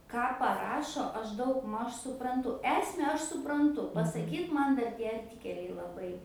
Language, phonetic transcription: Lithuanian, ˈką paˈrašo ˈaš ˈdaugˌmaž supranˈtu ˈesme ˈaš supranˈtu pasaˈkyt ˈman ˈdarˈ tie arˈtikeliai laˈbai

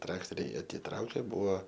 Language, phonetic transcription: Lithuanian, ˈtraktoriai atiˈtraukė ˈbuvo

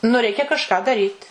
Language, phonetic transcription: Lithuanian, nu ˈreikia kažˈką daˈryt

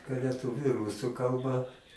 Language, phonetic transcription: Lithuanian, leˈtuviu ˈrusu ˈkalba

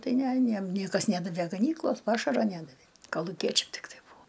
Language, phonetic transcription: Lithuanian, ˈtai ˈne aˈniem ˈniekas ˈnædavė gaˈnyklos ˈpašaro ˈnædavė kaluˈkiečiam tikˈtai ˈbūo

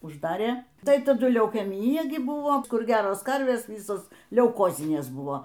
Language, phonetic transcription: Lithuanian, užˈdarė ˈtai taˈdu leukeˈmyja gi ˈbuvo ˈkur ˈgeros ˈkarvės ˈvysos leuˈkozinės ˈbuvo

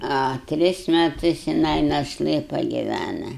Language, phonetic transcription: Lithuanian, a ˈtris meˈtus jiˈnai našˈlɘ pagiˈvæna

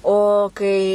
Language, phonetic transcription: Lithuanian, o ˈkai

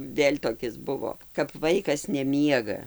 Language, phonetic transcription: Lithuanian, ˈvėl' toˈkis ˈbuvo kap ˈvaikas neˈmiega

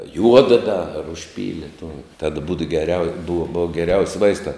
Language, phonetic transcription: Lithuanian, ˈjuoda ˈda ar užˈpyli tuo tad būd geˈriau buv ˈbua geˈriaus' ˈvaistā

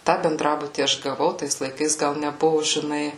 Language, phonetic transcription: Lithuanian, ˈtą benˈdrabutį ˈaš gaˈvau ˈtais laiˈkais ˈgal neˈbuvu žiˈnai

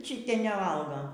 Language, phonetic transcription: Lithuanian, ˈčitie neˈvalgo

